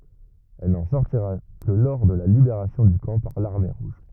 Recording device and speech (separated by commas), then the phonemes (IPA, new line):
rigid in-ear microphone, read sentence
ɛl nɑ̃ sɔʁtiʁa kə lə lɔʁ də la libeʁasjɔ̃ dy kɑ̃ paʁ laʁme ʁuʒ